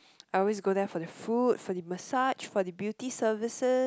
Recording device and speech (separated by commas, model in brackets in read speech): close-talking microphone, conversation in the same room